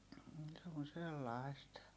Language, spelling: Finnish, - se on sellaista
- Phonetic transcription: m̥ se on̬ sellai̮st .

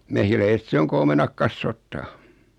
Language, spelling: Finnish, mehiläiset se on kun omenat kasvattaa
- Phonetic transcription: 'mehiläiset se oŋ ku 'omenak kassoottaa .

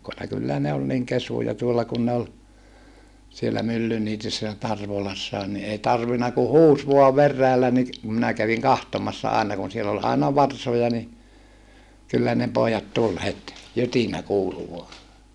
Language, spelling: Finnish, kyllä ne oli niin kesyjä tuolla kun ne oli siellä Myllyniityssä ja Tarvolassakin niin ei tarvinnut kuin huusi vain veräjällä niin kun minä kävin katsomassa aina kun siellä oli aina varsoja niin kyllä ne pojat tuli heti jytinä kuului vain
- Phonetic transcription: kyllä ne ol niŋ kesuja tuolla kun ne ol , siellä Myllyniityssä ja Tarvolassaan ni ei tarvina ku huus vua verräällä ni , kum minä käviŋ kahtomassa àena kun siel ‿ol aina varsoja ni , kyllä ne poojat tul het , jytinä kuulu vua .

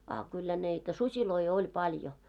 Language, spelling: Finnish, a kyllä niitä susia oli paljon
- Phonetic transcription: a kyllä nitä 'susiloi 'oĺ paljo .

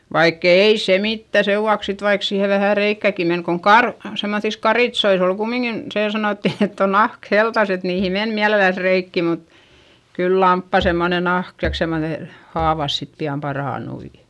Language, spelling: Finnish, vaikka ei se mitään sen vuoksi sitten vaikka siihen vähän reikääkin meni kun - semmoisissa karitsoissa oli kumminkin se sanottiin että on nahka heltassa että niihin meni mielellänsä reikiä mutta kyllä lampaan semmoinen nahka tai semmoinen haavat sitten pian parantui
- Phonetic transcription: vaikk ‿èi se mittä sevvuaks sit vaik siihe vähä reikkä̀ki men koŋ kar- , semmoϑis karitsois ‿ol kummiŋkin , see sanòtti ett ‿on nahk heltas et niihi men miäleläs reikki mut , kyl lamppà semmone nahk taik semmone , haavas sit pi₍am parànui .

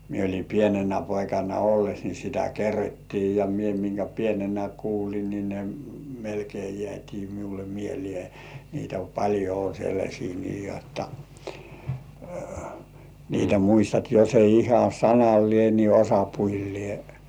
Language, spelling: Finnish, minä olin pienenä poikana ollessa niin sitä kerrottiin ja minä minkä pienenä kuuli niin ne melkein jäätiin minulle mieleen niitä paljon on sellaisia niin jotta niitä muistat jos ei ihan sanallinen niin osapuilleen
- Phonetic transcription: mie oĺi "pienenä 'poikana olles ni sitä "kerrottii ja mie miŋkä pienenä kuul̜i ni ne , melkei jĕä̀t́ii miule "mielĭè , niitä paĺjo o sellaśii nii jotta , niitä 'muistat jos ‿ei 'iha "sanallĭè ni "osapuillĭè .

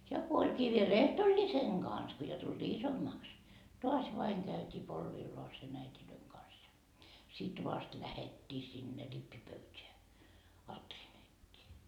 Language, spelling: Finnish, ja kun olikin vielä ehtoollisen kanssa kun jo tultiin isommaksi taas vain käytiin polvilleen äitien kanssa ja sitten vasta lähdettiin sinne rippipöytään alttarin eteen
- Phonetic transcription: ja ko oĺkii viel "ehtoĺĺiseŋ Gans ko jo tulDii "isommaaks , 'toas vaiŋ käytii 'polvilloasen äitilöiŋ kans ja sit "vast lähettii sinne 'rippipöyteä , 'alttarin ‿ettee .

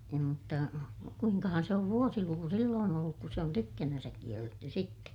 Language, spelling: Finnish, ei mutta kuinkahan se on vuosiluku silloin ollut kun se on tykkänään kielletty sitten
- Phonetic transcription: ei mutta , kuiŋkahan se ov vuosiluku silloon ‿olluk ku se on tykkänänsäk kielletty sitte .

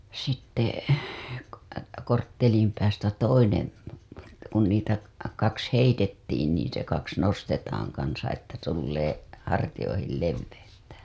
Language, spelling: Finnish, sitten - korttelin päästä toinen kun niitä kaksi heitettiin niin se kaksi nostetaan kanssa että tulee hartioihin leveyttä
- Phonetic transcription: sitte (ko-) korttelim päästä 'toinen̬ , kun niitä 'kaks "heitettiin niin se 'kaks 'nostetaaŋ kansa että tullee , 'hartijoihil 'levveyttä .

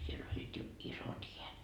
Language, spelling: Finnish, siellä olivat jo isot häät
- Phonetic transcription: siel ‿oĺĺiit jo 'isot hiät .

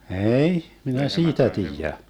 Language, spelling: Finnish, ei minä siitä tiedä
- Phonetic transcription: ee₍'i , 'minä "siitä 'tiijä .

